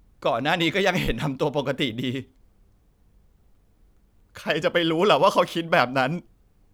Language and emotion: Thai, sad